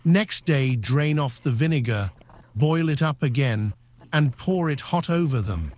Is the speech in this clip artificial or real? artificial